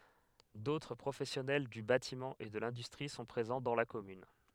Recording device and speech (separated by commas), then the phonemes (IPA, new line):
headset microphone, read sentence
dotʁ pʁofɛsjɔnɛl dy batimɑ̃ e də lɛ̃dystʁi sɔ̃ pʁezɑ̃ dɑ̃ la kɔmyn